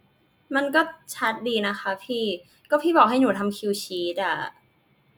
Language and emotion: Thai, frustrated